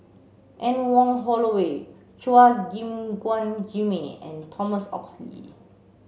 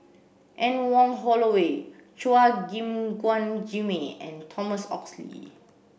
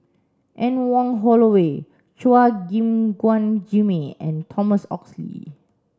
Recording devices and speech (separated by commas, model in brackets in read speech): mobile phone (Samsung C7), boundary microphone (BM630), standing microphone (AKG C214), read sentence